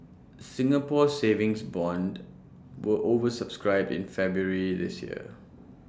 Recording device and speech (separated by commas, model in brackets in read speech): standing microphone (AKG C214), read sentence